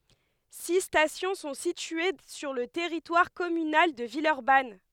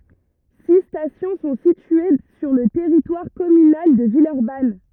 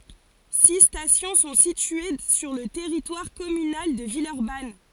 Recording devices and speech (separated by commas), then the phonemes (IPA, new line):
headset microphone, rigid in-ear microphone, forehead accelerometer, read sentence
si stasjɔ̃ sɔ̃ sitye syʁ lə tɛʁitwaʁ kɔmynal də vilœʁban